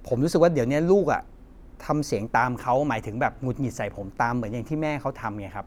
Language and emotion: Thai, frustrated